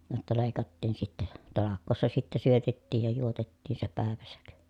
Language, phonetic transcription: Finnish, jotta lèi̮kattiin sittɛ , talak̆koossa sittɛ syötettiij ja juotettiin se pä̀eväsäk .
- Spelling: jotta leikattiin sitten talkoossa sitten syötettiin ja juotettiin se päivänsä

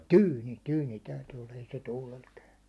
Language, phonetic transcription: Finnish, tyyni , 'tyyni täyty olla , ei se 'tuulel käy .
- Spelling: tyyni tyyni täytyi olla ei se tuulella käy

